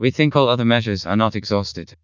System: TTS, vocoder